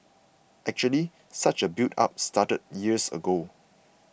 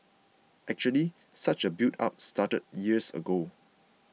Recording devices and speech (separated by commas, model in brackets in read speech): boundary microphone (BM630), mobile phone (iPhone 6), read sentence